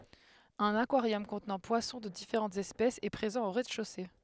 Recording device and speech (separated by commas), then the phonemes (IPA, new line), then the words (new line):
headset microphone, read sentence
œ̃n akwaʁjɔm kɔ̃tnɑ̃ pwasɔ̃ də difeʁɑ̃tz ɛspɛsz ɛ pʁezɑ̃ o ʁɛzdɛʃose
Un aquarium contenant poissons de différentes espèces est présent au rez-de-chaussée.